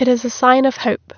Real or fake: real